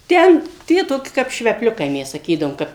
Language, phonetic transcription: Lithuanian, ˈten ˈtie toˈki kap švepˈliukai ˈmes saˈkydavom ˈkap

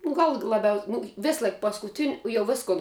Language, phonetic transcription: Lithuanian, nu ˈgal laˈbiaus' ˈnu ˈvėsˌlaik paskuˈtin' jau ˈviskun

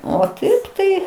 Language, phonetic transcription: Lithuanian, o ˈtaip tai

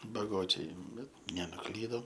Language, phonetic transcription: Lithuanian, baˈgočiai ˈbet nenuˈklydom

